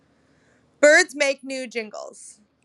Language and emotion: English, fearful